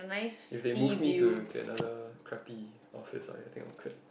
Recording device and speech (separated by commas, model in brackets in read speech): boundary microphone, conversation in the same room